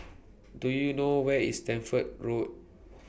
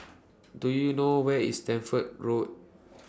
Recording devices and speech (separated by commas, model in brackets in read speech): boundary microphone (BM630), standing microphone (AKG C214), read sentence